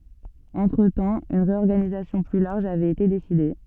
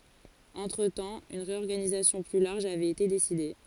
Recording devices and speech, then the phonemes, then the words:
soft in-ear microphone, forehead accelerometer, read sentence
ɑ̃tʁətɑ̃ yn ʁeɔʁɡanizasjɔ̃ ply laʁʒ avɛt ete deside
Entretemps, une réorganisation plus large avait été décidée.

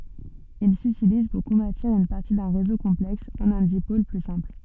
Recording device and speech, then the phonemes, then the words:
soft in-ear microphone, read sentence
il sytiliz puʁ kɔ̃vɛʁtiʁ yn paʁti dœ̃ ʁezo kɔ̃plɛks ɑ̃n œ̃ dipol ply sɛ̃pl
Il s'utilise pour convertir une partie d'un réseau complexe en un dipôle plus simple.

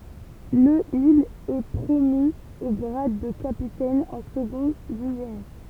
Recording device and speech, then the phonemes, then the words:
temple vibration pickup, read sentence
lə il ɛ pʁomy o ɡʁad də kapitɛn ɑ̃ səɡɔ̃ dy ʒeni
Le il est promu au grade de capitaine en second du génie.

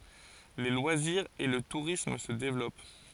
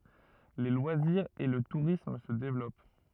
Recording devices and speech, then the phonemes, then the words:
forehead accelerometer, rigid in-ear microphone, read sentence
le lwaziʁz e lə tuʁism sə devlɔp
Les loisirs et le tourisme se développent.

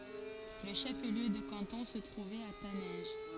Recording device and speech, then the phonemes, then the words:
forehead accelerometer, read sentence
lə ʃəfliø də kɑ̃tɔ̃ sə tʁuvɛt a tanɛ̃ʒ
Le chef-lieu de canton se trouvait à Taninges.

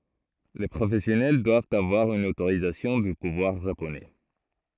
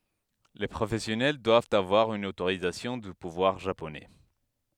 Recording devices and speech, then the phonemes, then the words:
throat microphone, headset microphone, read sentence
le pʁofɛsjɔnɛl dwavt avwaʁ yn otoʁizasjɔ̃ dy puvwaʁ ʒaponɛ
Les professionnels doivent avoir une autorisation du pouvoir japonais.

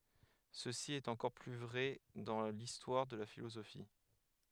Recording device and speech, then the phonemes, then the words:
headset microphone, read sentence
səsi ɛt ɑ̃kɔʁ ply vʁɛ dɑ̃ listwaʁ də la filozofi
Ceci est encore plus vrai dans l'histoire de la philosophie.

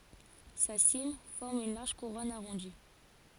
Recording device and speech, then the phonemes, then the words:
forehead accelerometer, read sentence
sa sim fɔʁm yn laʁʒ kuʁɔn aʁɔ̃di
Sa cime forme une large couronne arrondie.

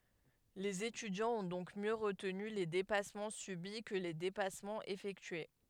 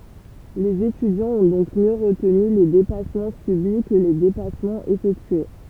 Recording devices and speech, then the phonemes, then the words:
headset microphone, temple vibration pickup, read sentence
lez etydjɑ̃z ɔ̃ dɔ̃k mjø ʁətny le depasmɑ̃ sybi kə le depasmɑ̃z efɛktye
Les étudiants ont donc mieux retenu les dépassements subis que les dépassements effectués.

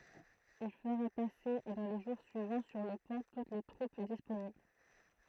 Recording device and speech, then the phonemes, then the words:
throat microphone, read sentence
il fəʁa pase dɑ̃ le ʒuʁ syivɑ̃ syʁ lə pɔ̃ tut se tʁup disponibl
Il fera passer dans les jours suivants sur le pont toutes ses troupes disponibles.

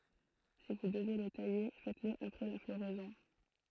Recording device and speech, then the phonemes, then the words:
throat microphone, read sentence
si vu dəve lə taje fɛtəsl apʁɛ la floʁɛzɔ̃
Si vous devez le tailler, faites-le après la floraison.

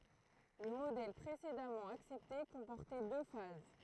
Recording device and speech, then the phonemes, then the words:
throat microphone, read sentence
lə modɛl pʁesedamɑ̃ aksɛpte kɔ̃pɔʁtɛ dø faz
Le modèle précédemment accepté comportait deux phases.

